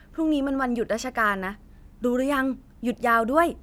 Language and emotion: Thai, happy